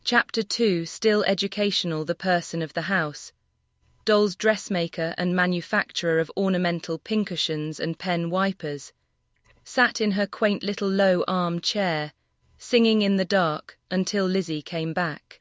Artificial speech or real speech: artificial